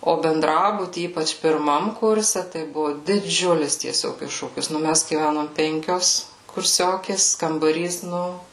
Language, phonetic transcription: Lithuanian, o benˈdrabuty ˈypač pirˈmam ˈkurse tai ˈbuvu diˈdžiulis tieˈsiog ˈiššūkis nu ˈmæs gyˈvænom ˈpenkios kurˈsiokės kambaˈrys ˈnu

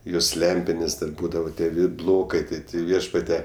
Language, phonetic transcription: Lithuanian, ˈjos ˈlempinės dar ˈbūdavo ˈtie ˈvid ˈblokai ˈtai ˈti ˈviešpate

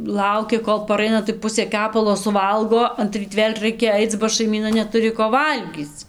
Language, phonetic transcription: Lithuanian, ˈlauki ˈkol paˈraina tai ˈpusė ˈkepalo suˈvalgo anˈtryt ˈvėl' ˈraikia ˈaic ba šaiˈmyna neˈturi ko ˈvalgyc

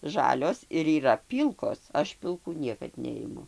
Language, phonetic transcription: Lithuanian, ˈžalios ir yˈra ˈpylkos ˈaš pilˈkų ˈniekad ˈneimu

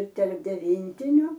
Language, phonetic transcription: Lithuanian, ir terp deˈvyntiniu

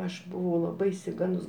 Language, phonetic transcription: Lithuanian, ˈaš buˈvau laˈbai išsiˈgandus

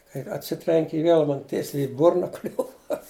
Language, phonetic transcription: Lithuanian, kai atˈsitrenki i ˈvėl ˈman ˈtiesiai i ˈburna ˈkliuva

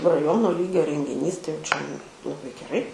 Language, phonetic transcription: Lithuanian, raˈjono ˈlygio rengiˈnys tai jau čia laˈbai geˈrai

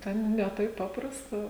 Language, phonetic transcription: Lithuanian, ˈten ne ˈtaip ˈpaprasta

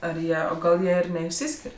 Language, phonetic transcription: Lithuanian, ar ˈjie o ˈgal ˈjie ir neišˈsiskir'

